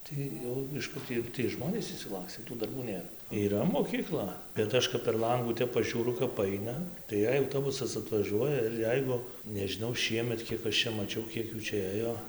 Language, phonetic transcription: Lithuanian, tai ˈjau iš ˈkur ti jau tiej ˈžmonės išsiˈlakstė tų darˈbų ˈnėr yˈra mokyˈkla bet ˈaš kap per ˈlangų ˈtep pažiūˈru kap ˈaina tai ˈjei autoˈbusas atvaˈžiuoja ir ˈjeigu nežiˈnau ˈšiemet ˈkiek aš ˈčia maˈčiau ˈkiek ˈjų ˈčia ˈėjo

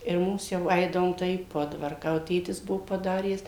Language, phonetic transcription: Lithuanian, ir ˈmums ˈjau ˈaidavom tai į ˈpodvarką jau ˈtėtis ˈbuo paˈdaręs

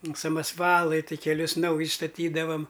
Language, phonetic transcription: Lithuanian, samasˈvalai tai keˈlius ˈnaujis staˈtydavam

